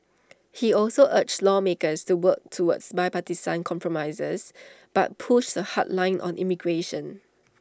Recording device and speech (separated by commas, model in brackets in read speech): standing microphone (AKG C214), read sentence